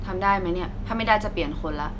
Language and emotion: Thai, frustrated